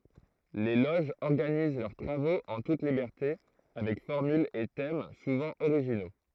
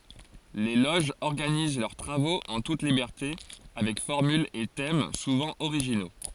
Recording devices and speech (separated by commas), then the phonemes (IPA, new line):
throat microphone, forehead accelerometer, read sentence
le loʒz ɔʁɡaniz lœʁ tʁavoz ɑ̃ tut libɛʁte avɛk fɔʁmylz e tɛm suvɑ̃ oʁiʒino